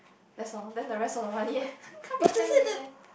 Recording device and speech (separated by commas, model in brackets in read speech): boundary microphone, conversation in the same room